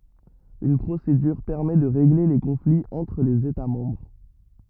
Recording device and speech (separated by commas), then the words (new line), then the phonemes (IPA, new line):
rigid in-ear microphone, read sentence
Une procédure permet de régler les conflits entre les États membres.
yn pʁosedyʁ pɛʁmɛ də ʁeɡle le kɔ̃fliz ɑ̃tʁ lez eta mɑ̃bʁ